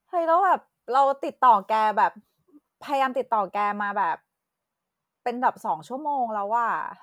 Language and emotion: Thai, frustrated